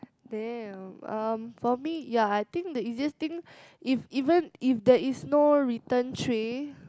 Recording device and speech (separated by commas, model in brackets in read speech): close-talking microphone, conversation in the same room